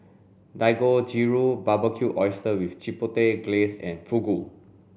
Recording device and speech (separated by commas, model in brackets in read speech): boundary microphone (BM630), read sentence